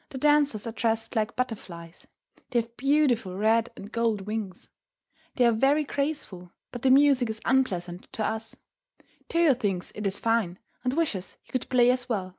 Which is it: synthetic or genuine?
genuine